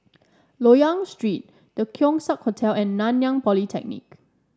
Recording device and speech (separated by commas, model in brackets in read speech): standing microphone (AKG C214), read sentence